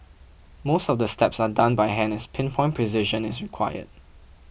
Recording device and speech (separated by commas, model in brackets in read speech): boundary microphone (BM630), read sentence